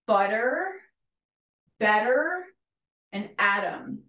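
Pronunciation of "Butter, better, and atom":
In 'butter', 'better' and 'atom', the t is said as a d sound, as in North American English.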